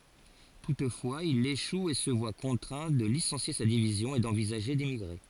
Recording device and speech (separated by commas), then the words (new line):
forehead accelerometer, read sentence
Toutefois il échoue et se voit contraint de licencier sa division et d'envisager d'émigrer.